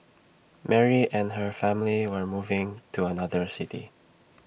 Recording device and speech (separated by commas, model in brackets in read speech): boundary microphone (BM630), read sentence